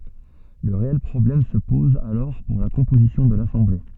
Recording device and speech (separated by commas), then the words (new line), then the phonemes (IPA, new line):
soft in-ear microphone, read sentence
Le réel problème se pose alors pour la composition de l’Assemblée.
lə ʁeɛl pʁɔblɛm sə pɔz alɔʁ puʁ la kɔ̃pozisjɔ̃ də lasɑ̃ble